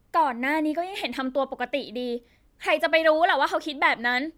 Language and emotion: Thai, frustrated